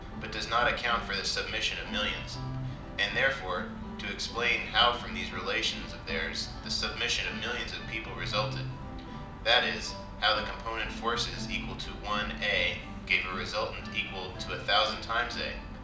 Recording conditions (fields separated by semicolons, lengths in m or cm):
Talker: one person; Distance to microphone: 2.0 m; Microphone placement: close; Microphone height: 99 cm; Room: medium-sized (5.7 m by 4.0 m); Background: music